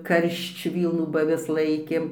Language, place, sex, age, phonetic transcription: Lithuanian, Dzūkija, female, 60+, ˈkaršč ˈvylnų ba aˈvis ˈlaikėm

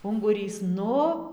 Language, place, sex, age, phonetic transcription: Lithuanian, Dzūkija, female, 18-60, unguˈrys ˈnu

